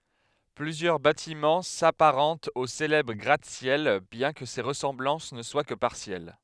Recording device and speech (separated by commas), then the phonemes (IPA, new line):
headset microphone, read sentence
plyzjœʁ batimɑ̃ sapaʁɑ̃tt o selɛbʁ ɡʁatəsjɛl bjɛ̃ kə se ʁəsɑ̃blɑ̃s nə swa kə paʁsjɛl